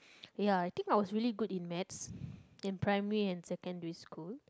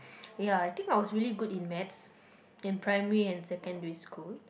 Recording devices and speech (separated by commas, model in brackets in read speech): close-talking microphone, boundary microphone, conversation in the same room